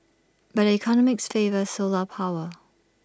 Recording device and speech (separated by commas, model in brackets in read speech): standing microphone (AKG C214), read sentence